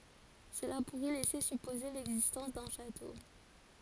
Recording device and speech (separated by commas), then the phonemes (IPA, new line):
forehead accelerometer, read sentence
səla puʁɛ lɛse sypoze lɛɡzistɑ̃s dœ̃ ʃato